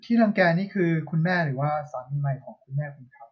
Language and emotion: Thai, neutral